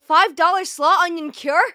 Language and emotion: English, surprised